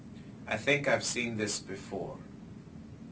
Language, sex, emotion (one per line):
English
male
neutral